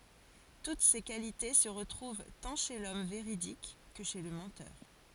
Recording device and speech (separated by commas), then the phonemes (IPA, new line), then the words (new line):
forehead accelerometer, read sentence
tut se kalite sə ʁətʁuv tɑ̃ ʃe lɔm veʁidik kə ʃe lə mɑ̃tœʁ
Toutes ces qualités se retrouvent tant chez l’homme véridique que chez le menteur.